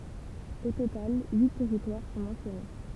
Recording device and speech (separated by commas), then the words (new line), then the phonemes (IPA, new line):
temple vibration pickup, read sentence
Au total, huit territoires sont mentionnés.
o total yi tɛʁitwaʁ sɔ̃ mɑ̃sjɔne